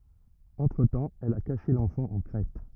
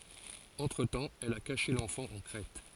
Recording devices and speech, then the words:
rigid in-ear microphone, forehead accelerometer, read sentence
Entre-temps, elle a caché l'enfant en Crète.

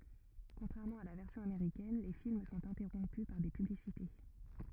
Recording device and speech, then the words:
rigid in-ear microphone, read sentence
Contrairement à la version américaine, les films sont interrompus par des publicités.

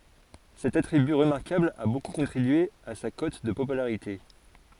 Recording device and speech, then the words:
forehead accelerometer, read sentence
Cet attribut remarquable a beaucoup contribué à sa cote de popularité.

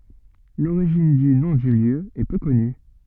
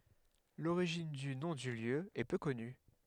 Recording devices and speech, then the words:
soft in-ear microphone, headset microphone, read sentence
L'origine du nom du lieu est peu connue.

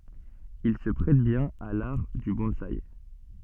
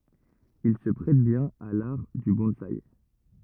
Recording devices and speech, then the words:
soft in-ear microphone, rigid in-ear microphone, read sentence
Il se prête bien à l'art du bonsaï.

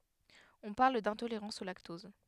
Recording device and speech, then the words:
headset microphone, read sentence
On parle d'intolérance au lactose.

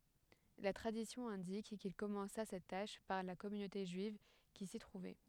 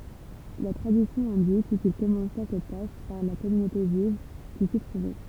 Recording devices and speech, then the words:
headset microphone, temple vibration pickup, read sentence
La tradition indique qu’il commença cette tâche par la communauté juive qui s’y trouvait.

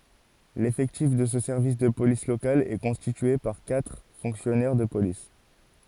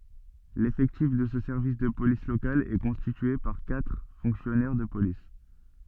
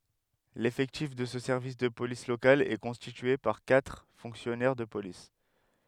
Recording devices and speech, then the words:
forehead accelerometer, soft in-ear microphone, headset microphone, read sentence
L'effectif de ce service de police local est constitué par quatre fonctionnaires de police.

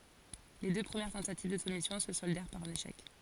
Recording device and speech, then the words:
forehead accelerometer, read sentence
Les deux premières tentatives de soumission se soldèrent par un échec.

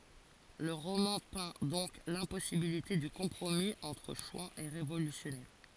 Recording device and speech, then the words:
forehead accelerometer, read sentence
Le roman peint donc l’impossibilité du compromis entre chouans et révolutionnaires.

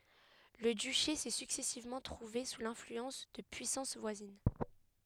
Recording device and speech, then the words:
headset microphone, read sentence
Le duché s'est successivement trouvé sous l'influence de puissances voisines.

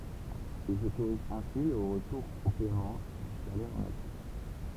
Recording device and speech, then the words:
temple vibration pickup, read sentence
Ils autorisent ainsi le retour au paiement du salaire en nature.

